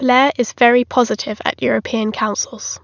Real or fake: real